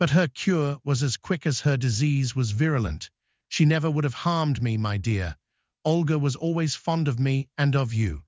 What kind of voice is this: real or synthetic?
synthetic